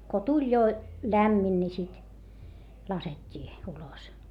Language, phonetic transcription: Finnish, ko tuĺ jo , lämmin ni sit , laset́t́ii , ulos .
- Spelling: kun tuli jo lämmin niin sitten laskettiin ulos

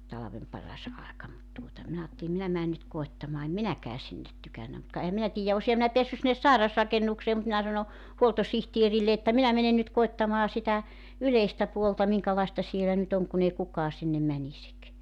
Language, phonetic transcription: Finnish, 'talavem 'paras 'aeka mut tuota , 'minä aatteli 'minä mään nyt 'koettamaa em "minäkää "sinnet 'tykännä mut ka ehäm 'minä 'tiijä 'osiha minä 'peässy sinnes "sairasrakennuksee mut 'minä sano , 'huoltosihtierille että 'minä menen nyt 'koettamaa sitä , 'yleistä puolta 'miŋkalaesta 'sielä nyt ‿oŋ kun ‿ei 'kukaa sinnem 'mänisik .
- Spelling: talven paras aika mutta tuota minä ajattelin minä menen nyt koettamaan en minäkään sinne tykännyt mutta ka enhän minä tiedä olisinhan minä päässyt sinne sairasrakennukseen mutta minä sanoin huoltosihteerille että minä menen nyt koettamaan sitä yleistä puolta minkälaista siellä nyt on kun ei kukaan sinne menisi

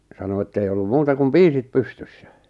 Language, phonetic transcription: Finnish, 'sano ettei ollum 'muuta kum "piisit "pystyssᴀ̈ .
- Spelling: sanoi että ei ollut muuta kuin piisit pystyssä

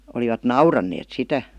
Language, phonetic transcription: Finnish, olivat "nauranneet "sitä .
- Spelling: olivat nauraneet sitä

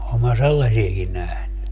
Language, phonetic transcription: Finnish, oom mä 'sellasieki 'nähny .
- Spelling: olen minä sellaisiakin nähnyt

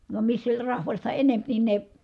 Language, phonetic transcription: Finnish, vam missä oĺ rahvasta enemp nin ne ,.
- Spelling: vaan missä oli rahvasta enempi niin ne

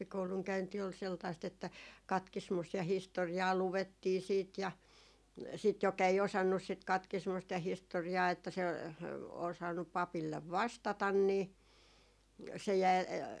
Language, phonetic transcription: Finnish, no 'rippikouluŋ 'käynti ol seltaist ‿että , "katkismust ja "histori₍aa 'luvettii 'siit ja , sit jok ‿ei 'osannus sit 'katkismust ja 'histori₍aa että se , osannup̆ 'papillev "vastatan nii , se jäi ,.
- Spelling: no rippikoulun käynti oli sellaista että katkismusta ja historiaa luettiin sitten ja sitten joka ei osannut sitä katkismusta ja historiaa että se osannut papille vastata niin se jäi

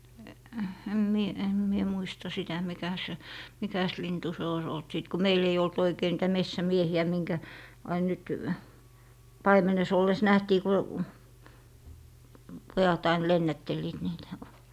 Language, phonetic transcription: Finnish, em 'mie , em 'mie 'muista 'sitä "mikä se , "mikäs 'lintu se ois olt 'sìt ko "meil ‿ei olt 'oikei niitä 'messä"miehi₍ä , 'miŋkä , 'ain nyt , "paimenes olles 'nähtii ku , 'pojat ain 'lennättelliit niitÄ .
- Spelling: en minä en minä muista sitä mikä se mikäs lintu se olisi ollut sitten kun meillä ei ollut oikein niitä metsämiehiä minkä aina nyt paimenessa ollessa nähtiin kun pojat aina lennättelivät niitä

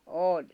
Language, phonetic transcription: Finnish, 'òĺ .
- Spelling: oli

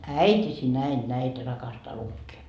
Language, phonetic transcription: Finnish, "äit́isi näin 'näitä rakastaa 'lukkee .
- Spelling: äitisi näin näitä rakastaa lukea

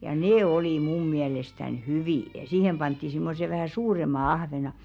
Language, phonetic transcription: Finnish, ja "nee olì 'mum miälestän "hyvì , ja 'siihem pantti 'simmose vähä̀ "suurem̆ma 'ahvena .
- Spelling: ja ne oli minun mielestäni hyviä ja siihen pantiin semmoiset vähän suuremmat ahvenet

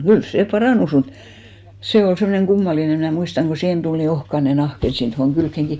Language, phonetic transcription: Finnish, "kyl 'sè 'parànus mut , 'se ol semmᵒneŋ 'ɢummaline mnä̀ 'muistaŋ ɢo 'siihen tul ni 'ohkane 'nahk ‿et 'sit tohoŋ 'kylkkeŋki .
- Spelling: kyllä se parantui mutta se oli semmoinen kummallinen minä muistan kun siihen tuli niin ohkainen nahka että sitten tuohon kylkeenkin

